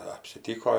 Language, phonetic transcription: Lithuanian, apsiˈtyko

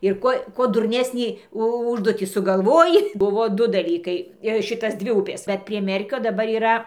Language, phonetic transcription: Lithuanian, ir ˈkuo ˈkuo durˈnesnį ˈužduotį sugaˈlvoji ˈbuvo ˈdu daˈlykai ˈšitas ˈdvi ˈupės ˈbet prie ˈmerkio daˈbar yˈra

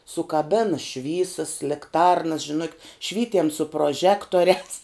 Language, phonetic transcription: Lithuanian, sukaˈbena ˈšvysas likˈtarnas žiˈnukit ˈšvytiem su proˈžektoriās

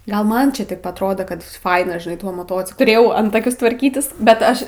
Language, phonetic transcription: Lithuanian, ˈgal ˈman čia taip atˈrodo kad ˈfaina žinai tuo moˈtociklu tuˈrėjau ˈantakius tvarˈkytis bet ˈaš

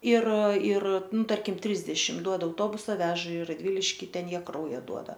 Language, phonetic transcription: Lithuanian, ir ir ˈnu ˈtarkim ˈtrisdešim ˈduoda auˈtobusa ˈveža i radˈviliški ˈten ˈjie ˈkrauja ˈduoda

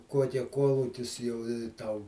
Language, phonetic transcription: Lithuanian, ˈkuokia ˈkuolukis jau i ˈtau

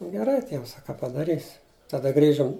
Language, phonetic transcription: Lithuanian, geˈrai ˈtiems a ka padaˈrysi taˈda ˈgrįžum

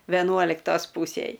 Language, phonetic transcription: Lithuanian, veˈnuoliktos ˈpūsėj

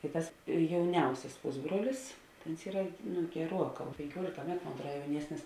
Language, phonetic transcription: Lithuanian, tai ˈtas jauˈniausias ˈpusbruolis ta ons ˈyra nu geˈruoˌkā penkiuolika ˈmetu mon atˈruod jauˈniesnis

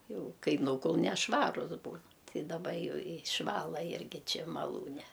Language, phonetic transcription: Lithuanian, ˈjau ˈkai ˈnūkul nešˈvarus ˈbūn ti daˈba ˈjau išˈvala ˈirgi ˈči maˈlūne

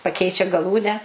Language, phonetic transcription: Lithuanian, paˈkeičia gaˈlūnę

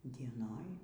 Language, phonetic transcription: Lithuanian, dieˈnoj

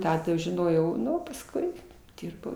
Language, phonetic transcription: Lithuanian, ˈtą žiˈnojau ˈnu pasˈkui ˈdirbau

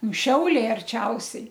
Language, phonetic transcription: Lithuanian, nu ˈšiauliai arˈčiausiai

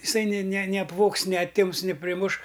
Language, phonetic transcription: Lithuanian, iˈsai ni ni ni apˈvogs ni aˈtims ni priˈmuš

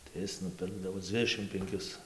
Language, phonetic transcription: Lithuanian, tai ˈis nuˈpirkdavo ˈdzvidešim penˈkis

